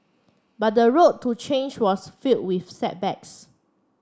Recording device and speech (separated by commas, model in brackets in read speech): standing microphone (AKG C214), read sentence